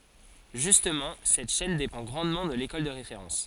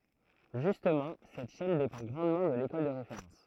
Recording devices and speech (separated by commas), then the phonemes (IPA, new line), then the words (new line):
forehead accelerometer, throat microphone, read sentence
ʒystmɑ̃ sɛt ʃɛn depɑ̃ ɡʁɑ̃dmɑ̃ də lekɔl də ʁefeʁɑ̃s
Justement, cette chaîne dépend grandement de l'école de référence.